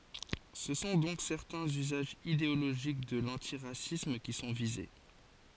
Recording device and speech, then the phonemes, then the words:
forehead accelerometer, read sentence
sə sɔ̃ dɔ̃k sɛʁtɛ̃z yzaʒz ideoloʒik də lɑ̃tiʁasism ki sɔ̃ vize
Ce sont donc certains usages idéologiques de l'antiracisme qui sont visés.

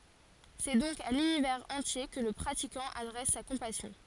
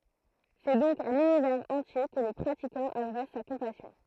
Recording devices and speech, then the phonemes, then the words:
forehead accelerometer, throat microphone, read sentence
sɛ dɔ̃k a lynivɛʁz ɑ̃tje kə lə pʁatikɑ̃ adʁɛs sa kɔ̃pasjɔ̃
C'est donc à l'univers entier que le pratiquant adresse sa compassion.

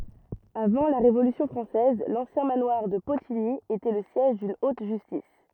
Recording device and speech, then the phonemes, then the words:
rigid in-ear microphone, read sentence
avɑ̃ la ʁevolysjɔ̃ fʁɑ̃sɛz lɑ̃sjɛ̃ manwaʁ də potiɲi etɛ lə sjɛʒ dyn ot ʒystis
Avant la Révolution française, l'ancien manoir de Potigny était le siège d'une haute justice.

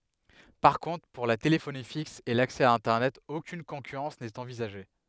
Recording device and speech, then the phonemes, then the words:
headset microphone, read sentence
paʁ kɔ̃tʁ puʁ la telefoni fiks e laksɛ a ɛ̃tɛʁnɛt okyn kɔ̃kyʁɑ̃s nɛt ɑ̃vizaʒe
Par contre pour la téléphonie fixe et l'accès à internet aucune concurrence n'est envisagée.

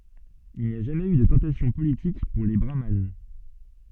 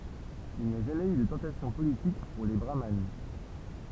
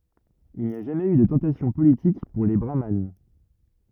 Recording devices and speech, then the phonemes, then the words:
soft in-ear microphone, temple vibration pickup, rigid in-ear microphone, read sentence
il ni a ʒamɛz y də tɑ̃tasjɔ̃ politik puʁ le bʁaman
Il n'y a jamais eu de tentation politique pour les brahmanes.

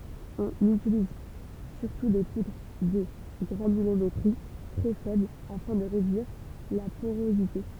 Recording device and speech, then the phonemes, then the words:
temple vibration pickup, read sentence
ɔ̃n ytiliz syʁtu de pudʁ də ɡʁanylometʁi tʁɛ fɛbl afɛ̃ də ʁedyiʁ la poʁozite
On utilise surtout des poudres de granulométrie très faible afin de réduire la porosité.

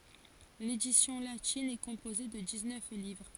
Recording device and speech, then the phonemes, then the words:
forehead accelerometer, read sentence
ledisjɔ̃ latin ɛ kɔ̃poze də diksnœf livʁ
L'édition latine est composée de dix-neuf livres.

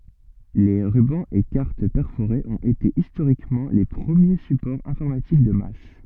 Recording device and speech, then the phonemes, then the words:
soft in-ear microphone, read sentence
le ʁybɑ̃z e kaʁt pɛʁfoʁez ɔ̃t ete istoʁikmɑ̃ le pʁəmje sypɔʁz ɛ̃fɔʁmatik də mas
Les rubans et cartes perforées ont été historiquement les premiers supports informatiques de masse.

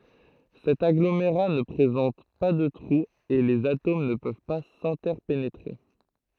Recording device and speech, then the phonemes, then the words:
throat microphone, read sentence
sɛt aɡlomeʁa nə pʁezɑ̃t pa də tʁuz e lez atom nə pøv pa sɛ̃tɛʁpenetʁe
Cet agglomérat ne présente pas de trous et les atomes ne peuvent pas s’interpénétrer.

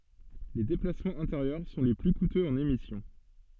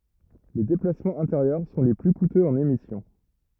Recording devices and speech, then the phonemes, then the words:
soft in-ear microphone, rigid in-ear microphone, read sentence
le deplasmɑ̃z ɛ̃teʁjœʁ sɔ̃ le ply kutøz ɑ̃n emisjɔ̃
Les déplacements intérieurs sont les plus coûteux en émission.

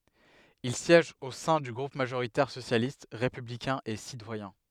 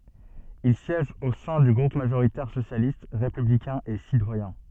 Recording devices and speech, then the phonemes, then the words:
headset microphone, soft in-ear microphone, read sentence
il sjɛʒ o sɛ̃ dy ɡʁup maʒoʁitɛʁ sosjalist ʁepyblikɛ̃ e sitwajɛ̃
Il siège au sein du groupe majoritaire socialiste, républicain et citoyen.

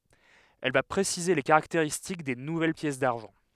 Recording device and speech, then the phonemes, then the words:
headset microphone, read sentence
ɛl va pʁesize le kaʁakteʁistik de nuvɛl pjɛs daʁʒɑ̃
Elle va préciser les caractéristiques des nouvelles pièces d'argent.

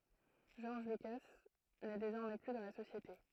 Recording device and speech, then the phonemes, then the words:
throat microphone, read sentence
ʒɔʁʒ lyka nɛ dezɔʁmɛ ply dɑ̃ la sosjete
George Lucas n'est désormais plus dans la société.

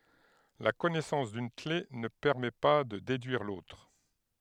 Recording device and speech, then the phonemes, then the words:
headset microphone, read sentence
la kɔnɛsɑ̃s dyn kle nə pɛʁmɛ pa də dedyiʁ lotʁ
La connaissance d'une clef ne permet pas de déduire l'autre.

